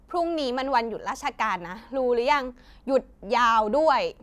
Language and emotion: Thai, frustrated